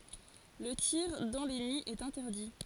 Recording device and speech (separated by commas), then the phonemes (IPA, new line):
forehead accelerometer, read sentence
lə tiʁ dɑ̃ le niz ɛt ɛ̃tɛʁdi